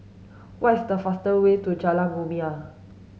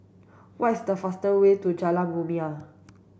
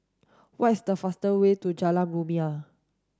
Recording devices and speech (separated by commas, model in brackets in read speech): mobile phone (Samsung S8), boundary microphone (BM630), standing microphone (AKG C214), read sentence